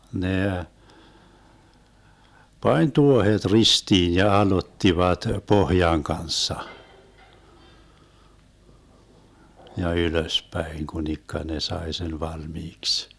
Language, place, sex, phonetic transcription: Finnish, Vermlanti, male, 'nè , "pań 'tuohet 'ristiin ja 'alottivat "pohjaŋ 'kanssa , ja 'ylöspäiŋ 'kunikka ne "sae sen 'valmiiks .
- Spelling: ne pani tuohet ristiin ja aloittivat pohjan kanssa ja ylöspäin kunikka ne sai sen valmiiksi

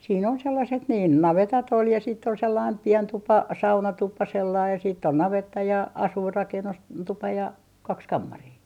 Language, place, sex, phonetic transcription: Finnish, Artjärvi, female, siin ‿on 'sellaset niin , "navetat ‿ol ja siitt ‿ol sellaim 'pien 'tupa "saunatupa sellai ja siit't ‿on 'navetta ja , 'asuirrakennus "tupa ja , 'kaks 'kammarii .
- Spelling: siinä on sellaiset niin navetat oli ja sitten oli sellainen pieni tupa saunatupa sellainen ja sitten on navetta ja asuinrakennus tupa ja kaksi kammaria

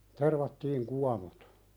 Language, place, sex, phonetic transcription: Finnish, Pälkäne, male, 'tervattiiŋ "kuanot .
- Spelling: tervattiin kuonot

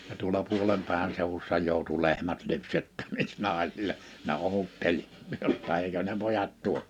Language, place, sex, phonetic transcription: Finnish, Liperi, male, ja tuola 'puoĺempä̀e(vä)n sèuwussa jòu̬tu 'lehmät 'lypsettäviks 'nàesile , ne 'òutteĺ , 'jotta èikö ne 'pojat 'tuo .
- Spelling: ja tuolla puolenpäivän seudussa joutui lehmät lypsettäviksi naisille ne odotteli jotta eikö ne pojat tuo

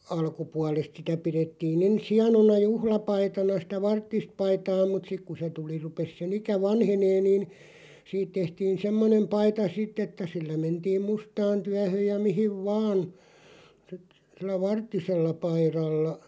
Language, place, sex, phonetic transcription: Finnish, Loppi, male, alkupualest sitä , 'pirettii'n ‿ens 'hianona "juhla'paitana sⁱtä "varttist 'paitaa mut 'sik ku se tuli 'rupes se'n ‿ikä "vanhenee niin , 'siit tehtiin 'semmonem 'paita "sitᵗ ‿että sillä 'mentiim "mustaan 'tyähö̀j ja 'mihiv "vaan , (sit) , sillä "varttisella 'pairalla ,.
- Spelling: alkupuolesta sitä pidettiin ensin hienona juhlapaitana sitä varttista paitaa mutta sitten kun se tuli rupesi sen ikä vanhenemaan niin siitä tehtiin semmoinen paita sitten että sillä mentiin mustaan työhän ja mihin vain sitten sillä varttisella paidalla

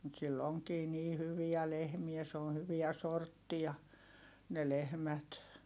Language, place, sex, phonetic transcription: Finnish, Heinola, female, mut sill ‿oŋkii nii hyviä lehmiä s ‿oon̬ hyviä sorttia , ne lehmät .
- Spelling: mutta sillä onkin niin hyviä lehmiä se on hyviä sorttia ne lehmät

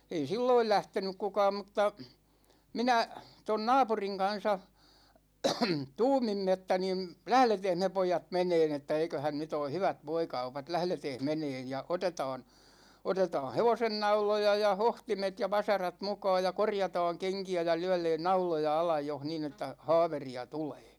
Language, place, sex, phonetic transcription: Finnish, Ikaalinen, male, ei "silloil 'lähtenyk 'kukaam mŭtta , 'minä , ton 'naapuriŋ kan̬sa , 'tuumimme että nim , » "lähleteeh me 'poijat 'meneen ‿että 'eiköhän 'nyt ‿oo "hyvät 'voikaupat , 'lähleteeh "meneen ja 'otetaan , 'otetaa "hevosennauloja ja 'hohtimet ja 'vasarat 'mukaaj ja 'korjataaŋ 'keŋki₍ä ja 'lyɛ#leen "nauloja 'alaj joh niin ‿että , "ha̭a̭veri₍a "tulEE « .
- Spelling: ei silloin lähtenyt kukaan mutta minä tuon naapurin kanssa tuumimme että niin lähdetäänpäs me pojat menemään että eiköhän nyt ole hyvät voikaupat lähdetäänpäs menemään ja otetaan otetaan hevosennauloja ja hohtimet ja vasarat mukaan ja korjataan kenkiä ja lyödään nauloja alle jos niin että haaveria tulee

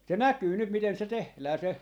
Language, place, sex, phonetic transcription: Finnish, Jaala, male, 'se "näkyy 'nyt miten se "tehlää se .
- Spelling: se näkyy nyt miten se tehdään se

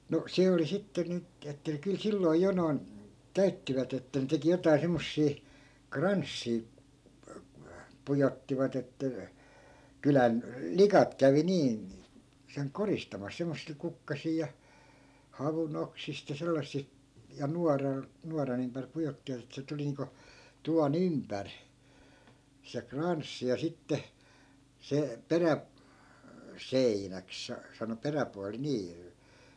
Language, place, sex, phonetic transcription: Finnish, Askola, male, no , 'se oli sitte 'nyt , että kyl 'silloi̮ 'jo noi̮n , 'käyttivät ‿että ne 'teki 'jotai̮ semmossii , "kranssii , 'pujottivat ‿että , 'kylän , "likat kävi 'niin̬ , seŋ "koristamas semmossil 'kukkasii ja , 'havunoksist ja 'sellassi- , ja 'nuaral , 'nuaran ‿ympär 'pujottivat ‿ettᵃ̈ se 'tuli niiŋko , 'tuva"n ‿ympär , se 'kranssi ja sitte , 'se , 'perä- , "-seinäk sa- , sano 'peräpuali 'nii .
- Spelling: no se oli sitten nyt että kyllä silloin jo noin käyttivät että ne teki jotakin semmoisia kranssia pujottivat että kylän likat kävi niin sen koristamassa semmoisilla kukkasilla ja havunoksista ja - ja nuoralla nuoran ympäri pujottivat että se tuli niin kuin tuvan ympäri se kranssi ja sitten se - peräseinäksi - sanoi peräpuoli niin

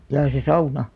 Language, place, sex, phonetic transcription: Finnish, Alastaro, female, jaa se "sauna ?
- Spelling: jaa se sauna

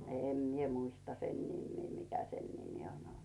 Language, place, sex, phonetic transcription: Finnish, Rautu, female, 'èm mie muista sen 'nimmii mikä sen nimi on ‿olt .
- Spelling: en minä muista sen nimeä mikä sen nimi on ollut

